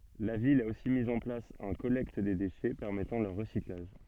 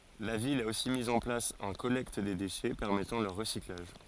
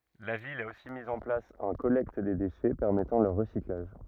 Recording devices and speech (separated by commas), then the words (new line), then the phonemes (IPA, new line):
soft in-ear microphone, forehead accelerometer, rigid in-ear microphone, read sentence
La ville a aussi mise en place un collecte des déchets permettant leur recyclage.
la vil a osi miz ɑ̃ plas œ̃ kɔlɛkt de deʃɛ pɛʁmɛtɑ̃ lœʁ ʁəsiklaʒ